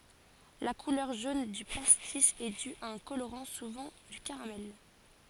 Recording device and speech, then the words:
forehead accelerometer, read sentence
La couleur jaune du pastis est due à un colorant, souvent du caramel.

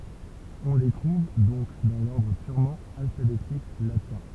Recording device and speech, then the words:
temple vibration pickup, read sentence
On les trouve donc dans l'ordre purement alphabétique latin.

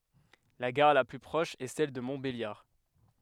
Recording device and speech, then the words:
headset microphone, read sentence
La gare la plus proche est celle de Montbéliard.

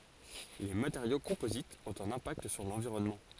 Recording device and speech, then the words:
forehead accelerometer, read sentence
Les matériaux composites ont un impact sur l'environnement.

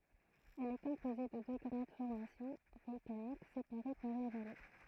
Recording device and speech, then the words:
throat microphone, read sentence
Elle est composée de deux grandes formations volcaniques séparées par une vallée.

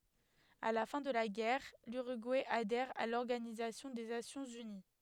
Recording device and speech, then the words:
headset microphone, read sentence
À la fin de la guerre, l'Uruguay adhère à l'Organisation des Nations unies.

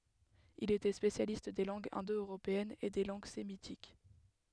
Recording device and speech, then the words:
headset microphone, read sentence
Il était spécialiste des langues indo-européennes et des langues sémitiques.

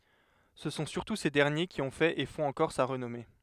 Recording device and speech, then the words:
headset microphone, read sentence
Ce sont surtout ces derniers qui ont fait et font encore sa renommée.

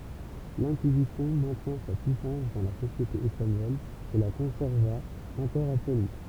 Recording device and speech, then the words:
temple vibration pickup, read sentence
L'Inquisition maintient sa puissance dans la société espagnole et la conserva encore après lui.

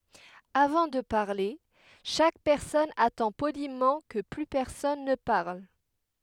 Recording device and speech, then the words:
headset microphone, read sentence
Avant de parler, chaque personne attend poliment que plus personne ne parle.

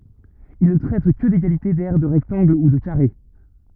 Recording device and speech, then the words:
rigid in-ear microphone, read sentence
Il ne traite que d'égalités d'aires de rectangles ou de carrés.

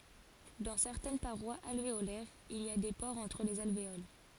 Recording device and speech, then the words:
forehead accelerometer, read sentence
Dans certaines parois alvéolaires il y a des pores entre les alvéoles.

